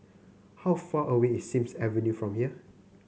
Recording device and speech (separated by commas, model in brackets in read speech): mobile phone (Samsung C9), read sentence